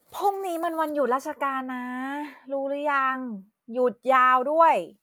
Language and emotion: Thai, frustrated